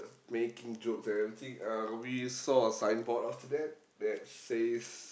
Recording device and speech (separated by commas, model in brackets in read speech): boundary microphone, conversation in the same room